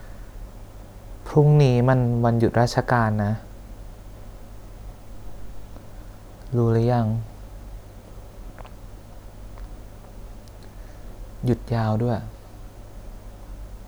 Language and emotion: Thai, sad